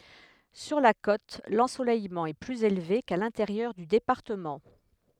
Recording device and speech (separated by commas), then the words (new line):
headset microphone, read sentence
Sur la côte, l'ensoleillement est plus élevé qu'à l'intérieur du département.